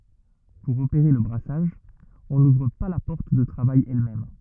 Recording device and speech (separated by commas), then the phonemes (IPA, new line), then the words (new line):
rigid in-ear microphone, read sentence
puʁ opeʁe lə bʁasaʒ ɔ̃ nuvʁ pa la pɔʁt də tʁavaj ɛlmɛm
Pour opérer le brassage, on n'ouvre pas la porte de travail elle-même.